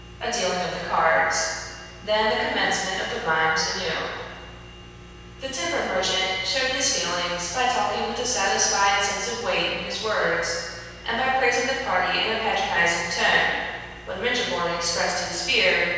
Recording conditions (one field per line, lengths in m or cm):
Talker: one person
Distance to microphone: 7.1 m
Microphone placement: far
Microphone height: 1.7 m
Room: very reverberant, large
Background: none